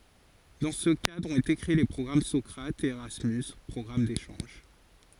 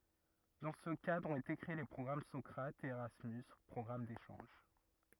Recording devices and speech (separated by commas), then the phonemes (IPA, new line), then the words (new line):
forehead accelerometer, rigid in-ear microphone, read sentence
dɑ̃ sə kadʁ ɔ̃t ete kʁee le pʁɔɡʁam sɔkʁatz e eʁasmys pʁɔɡʁam deʃɑ̃ʒ
Dans ce cadre ont été créés les programmes Socrates et Erasmus - programmes d'échanges.